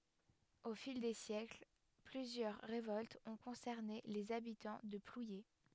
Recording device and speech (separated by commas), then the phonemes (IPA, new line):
headset microphone, read sentence
o fil de sjɛkl plyzjœʁ ʁevɔltz ɔ̃ kɔ̃sɛʁne lez abitɑ̃ də plwje